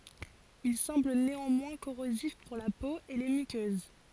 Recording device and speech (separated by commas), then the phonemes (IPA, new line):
forehead accelerometer, read sentence
il sɑ̃bl neɑ̃mwɛ̃ koʁozif puʁ la po e le mykøz